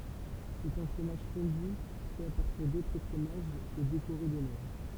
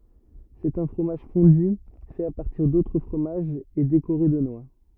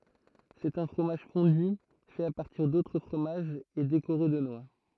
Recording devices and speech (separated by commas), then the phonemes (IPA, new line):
temple vibration pickup, rigid in-ear microphone, throat microphone, read sentence
sɛt œ̃ fʁomaʒ fɔ̃dy fɛt a paʁtiʁ dotʁ fʁomaʒz e dekoʁe də nwa